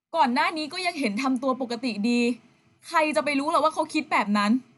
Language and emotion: Thai, frustrated